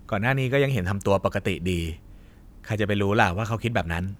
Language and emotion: Thai, neutral